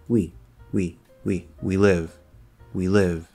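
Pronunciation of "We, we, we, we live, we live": Each 'we' is said short and quiet, including in 'we live'.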